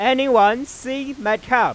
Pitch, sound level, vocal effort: 255 Hz, 102 dB SPL, very loud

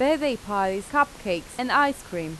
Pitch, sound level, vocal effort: 235 Hz, 88 dB SPL, normal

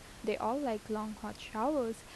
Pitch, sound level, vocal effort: 220 Hz, 80 dB SPL, normal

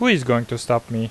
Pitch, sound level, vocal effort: 120 Hz, 86 dB SPL, normal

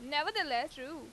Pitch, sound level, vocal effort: 295 Hz, 93 dB SPL, loud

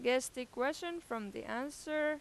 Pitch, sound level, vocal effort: 260 Hz, 91 dB SPL, loud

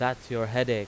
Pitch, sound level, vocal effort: 125 Hz, 92 dB SPL, loud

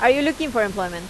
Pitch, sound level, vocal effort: 225 Hz, 90 dB SPL, loud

